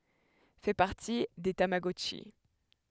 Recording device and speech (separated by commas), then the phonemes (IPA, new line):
headset microphone, read sentence
fɛ paʁti de tamaɡɔtʃi